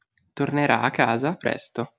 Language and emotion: Italian, neutral